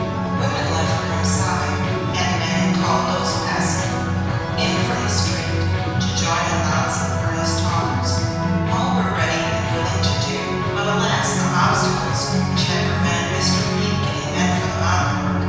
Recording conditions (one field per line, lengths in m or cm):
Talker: one person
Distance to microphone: 7.1 m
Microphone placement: far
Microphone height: 1.7 m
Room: very reverberant, large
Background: music